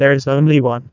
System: TTS, neural waveform model